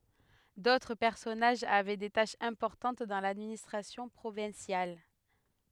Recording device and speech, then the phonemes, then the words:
headset microphone, read sentence
dotʁ pɛʁsɔnaʒz avɛ de taʃz ɛ̃pɔʁtɑ̃t dɑ̃ ladministʁasjɔ̃ pʁovɛ̃sjal
D'autres personnages avaient des tâches importantes dans l'administration provinciale.

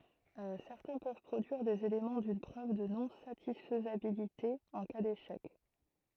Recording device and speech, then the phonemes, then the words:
throat microphone, read sentence
sɛʁtɛ̃ pøv pʁodyiʁ dez elemɑ̃ dyn pʁøv də nɔ̃satisfjabilite ɑ̃ ka deʃɛk
Certains peuvent produire des éléments d'une preuve de non-satisfiabilité en cas d'échec.

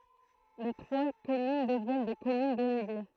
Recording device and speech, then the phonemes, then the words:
throat microphone, read sentence
le tʁwa kɔmyn dəvjɛn de kɔmyn deleɡe
Les trois communes deviennent des communes déléguées.

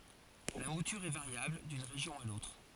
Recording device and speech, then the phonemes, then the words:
forehead accelerometer, read sentence
la mutyʁ ɛ vaʁjabl dyn ʁeʒjɔ̃ a lotʁ
La mouture est variable d'une région à l'autre.

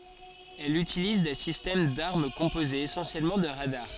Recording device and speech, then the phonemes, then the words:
forehead accelerometer, read sentence
ɛl ytiliz de sistɛm daʁm kɔ̃pozez esɑ̃sjɛlmɑ̃ də ʁadaʁ
Elle utilise des systèmes d'armes composés essentiellement de radars.

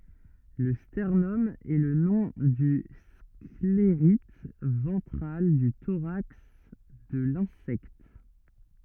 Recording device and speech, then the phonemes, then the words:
rigid in-ear microphone, read sentence
lə stɛʁnɔm ɛ lə nɔ̃ dy skleʁit vɑ̃tʁal dy toʁaks də lɛ̃sɛkt
Le sternum est le nom du sclérite ventral du thorax de l'insecte.

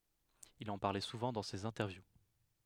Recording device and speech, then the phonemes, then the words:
headset microphone, read sentence
il ɑ̃ paʁlɛ suvɑ̃ dɑ̃ sez ɛ̃tɛʁvju
Il en parlait souvent dans ses interviews.

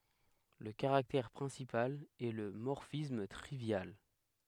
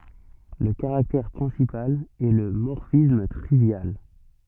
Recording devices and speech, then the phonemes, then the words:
headset microphone, soft in-ear microphone, read sentence
lə kaʁaktɛʁ pʁɛ̃sipal ɛ lə mɔʁfism tʁivjal
Le caractère principal est le morphisme trivial.

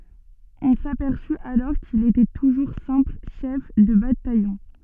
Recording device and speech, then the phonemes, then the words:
soft in-ear microphone, read sentence
ɔ̃ sapɛʁsy alɔʁ kil etɛ tuʒuʁ sɛ̃pl ʃɛf də batajɔ̃
On s'aperçut alors qu'il était toujours simple chef de bataillon.

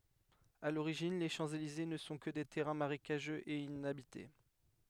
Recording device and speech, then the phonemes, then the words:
headset microphone, read sentence
a loʁiʒin le ʃɑ̃pselize nə sɔ̃ kə de tɛʁɛ̃ maʁekaʒøz e inabite
À l'origine, les Champs-Élysées ne sont que des terrains marécageux et inhabités.

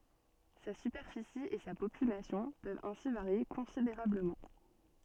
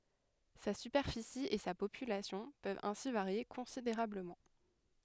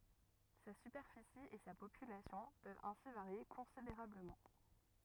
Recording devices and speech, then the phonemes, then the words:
soft in-ear microphone, headset microphone, rigid in-ear microphone, read sentence
sa sypɛʁfisi e sa popylasjɔ̃ pøvt ɛ̃si vaʁje kɔ̃sideʁabləmɑ̃
Sa superficie et sa population peuvent ainsi varier considérablement.

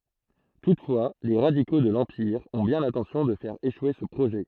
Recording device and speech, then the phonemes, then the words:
throat microphone, read sentence
tutfwa le ʁadiko də lɑ̃piʁ ɔ̃ bjɛ̃ lɛ̃tɑ̃sjɔ̃ də fɛʁ eʃwe sə pʁoʒɛ
Toutefois, les radicaux de l'Empire ont bien l'intention de faire échouer ce projet.

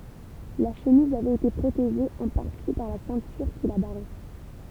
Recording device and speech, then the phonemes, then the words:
temple vibration pickup, read sentence
la ʃəmiz avɛt ete pʁoteʒe ɑ̃ paʁti paʁ la sɛ̃tyʁ ki la baʁɛ
La chemise avait été protégée en partie par la ceinture qui la barrait.

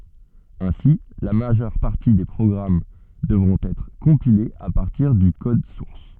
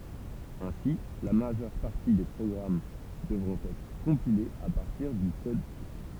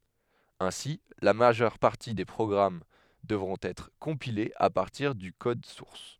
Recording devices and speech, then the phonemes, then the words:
soft in-ear microphone, temple vibration pickup, headset microphone, read sentence
ɛ̃si la maʒœʁ paʁti de pʁɔɡʁam dəvʁɔ̃t ɛtʁ kɔ̃pilez a paʁtiʁ dy kɔd suʁs
Ainsi, la majeure partie des programmes devront être compilés à partir du code source.

